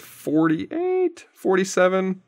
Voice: high-pitched